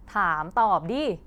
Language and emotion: Thai, angry